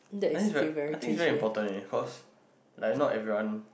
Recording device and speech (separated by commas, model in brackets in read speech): boundary microphone, conversation in the same room